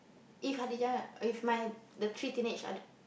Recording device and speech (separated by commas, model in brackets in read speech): boundary microphone, conversation in the same room